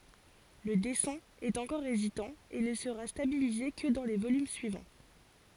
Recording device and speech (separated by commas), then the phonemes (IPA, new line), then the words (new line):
forehead accelerometer, read sentence
lə dɛsɛ̃ ɛt ɑ̃kɔʁ ezitɑ̃ e nə səʁa stabilize kə dɑ̃ lə volym syivɑ̃
Le dessin est encore hésitant et ne sera stabilisé que dans le volume suivant.